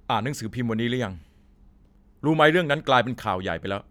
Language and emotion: Thai, neutral